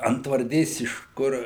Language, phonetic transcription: Lithuanian, antvarˈdės iš ˈkur

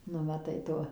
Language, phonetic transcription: Lithuanian, ˈnu maˈtai ˈto

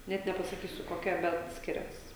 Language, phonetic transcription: Lithuanian, ˈnet nepasaˈkysiu koˈkia ˈbet ˈskirias

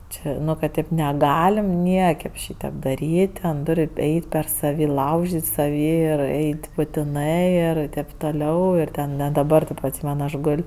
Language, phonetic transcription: Lithuanian, ˈčia ˈnu kad ˈtėp neˈgalim ˈniekaip ˈšytėp daˈryt' ˈten ˈtur' ˈeit' per saˈvį ˈlaužit' saˈvį ir ˈeit' butiˈnɜ ir taip toˈliau ir ˈten ne daˈbar tu atˈsymen ˈaš ˈgol'

